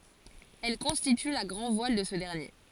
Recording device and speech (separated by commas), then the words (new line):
forehead accelerometer, read sentence
Elle constitue la grand-voile de ce dernier.